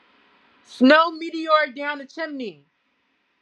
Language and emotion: English, neutral